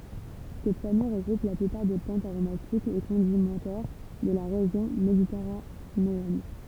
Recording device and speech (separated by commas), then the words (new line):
temple vibration pickup, read sentence
Cette famille regroupe la plupart des plantes aromatiques et condimentaires de la région méditerranéenne.